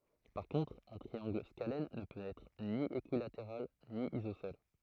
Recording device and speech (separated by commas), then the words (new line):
throat microphone, read sentence
Par contre un triangle scalène ne peut être ni équilatéral ni isocèle.